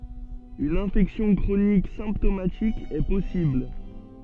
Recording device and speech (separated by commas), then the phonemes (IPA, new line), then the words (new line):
soft in-ear microphone, read sentence
yn ɛ̃fɛksjɔ̃ kʁonik sɛ̃ptomatik ɛ pɔsibl
Une infection chronique symptomatique est possible.